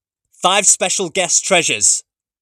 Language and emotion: English, neutral